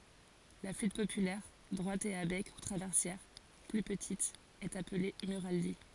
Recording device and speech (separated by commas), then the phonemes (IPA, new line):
forehead accelerometer, read sentence
la flyt popylɛʁ dʁwat e a bɛk u tʁavɛʁsjɛʁ ply pətit ɛt aple myʁali